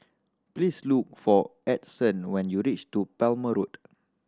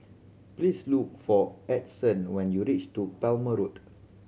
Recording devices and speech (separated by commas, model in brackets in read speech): standing microphone (AKG C214), mobile phone (Samsung C7100), read sentence